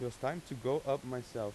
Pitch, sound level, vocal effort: 125 Hz, 89 dB SPL, normal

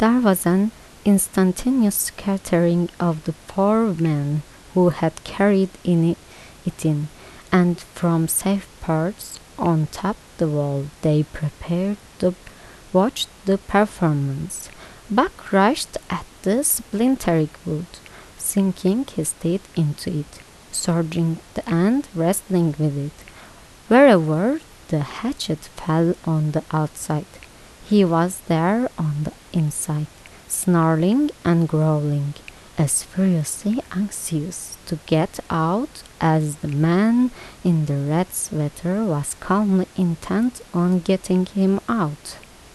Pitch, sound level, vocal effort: 175 Hz, 77 dB SPL, soft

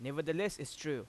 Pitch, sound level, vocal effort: 150 Hz, 91 dB SPL, loud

